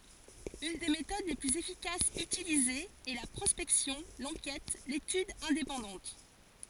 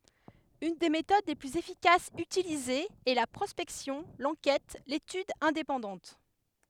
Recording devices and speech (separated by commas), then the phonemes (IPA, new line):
forehead accelerometer, headset microphone, read sentence
yn de metod le plyz efikasz ytilizez ɛ la pʁɔspɛksjɔ̃ lɑ̃kɛt letyd ɛ̃depɑ̃dɑ̃t